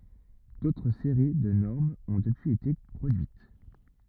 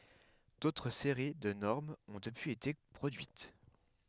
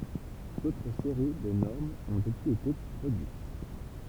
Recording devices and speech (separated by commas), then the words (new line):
rigid in-ear microphone, headset microphone, temple vibration pickup, read sentence
D’autres séries de normes ont depuis été produites.